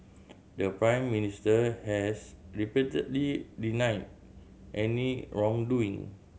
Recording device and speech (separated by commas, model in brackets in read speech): mobile phone (Samsung C7100), read sentence